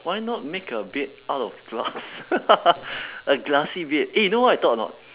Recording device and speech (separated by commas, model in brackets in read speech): telephone, conversation in separate rooms